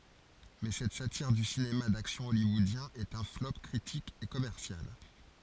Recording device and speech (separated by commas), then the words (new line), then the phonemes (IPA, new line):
forehead accelerometer, read sentence
Mais cette satire du cinéma d'action hollywoodien est un flop critique et commercial.
mɛ sɛt satiʁ dy sinema daksjɔ̃ ɔljwɔodjɛ̃ ɛt œ̃ flɔp kʁitik e kɔmɛʁsjal